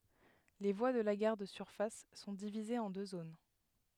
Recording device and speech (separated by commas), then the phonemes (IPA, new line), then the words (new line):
headset microphone, read sentence
le vwa də la ɡaʁ də syʁfas sɔ̃ divizez ɑ̃ dø zon
Les voies de la gare de surface sont divisées en deux zones.